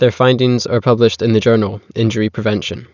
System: none